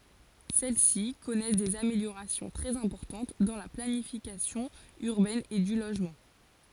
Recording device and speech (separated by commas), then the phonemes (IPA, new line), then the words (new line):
forehead accelerometer, read sentence
sɛl si kɔnɛs dez ameljoʁasjɔ̃ tʁɛz ɛ̃pɔʁtɑ̃t dɑ̃ la planifikasjɔ̃ yʁbɛn e dy loʒmɑ̃
Celles-ci connaissent des améliorations très importantes dans la planification urbaine et du logement.